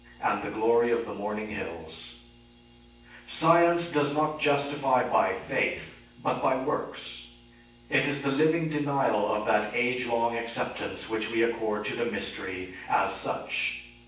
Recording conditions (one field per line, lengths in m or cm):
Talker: one person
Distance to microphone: 9.8 m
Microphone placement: far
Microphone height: 1.8 m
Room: large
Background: none